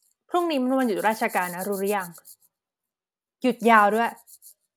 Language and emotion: Thai, neutral